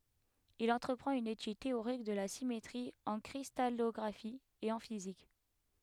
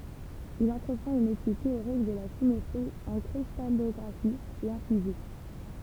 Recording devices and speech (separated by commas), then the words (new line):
headset microphone, temple vibration pickup, read sentence
Il entreprend une étude théorique de la symétrie en cristallographie et en physique.